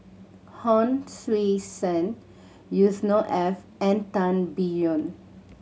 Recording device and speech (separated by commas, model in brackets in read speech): mobile phone (Samsung C7100), read sentence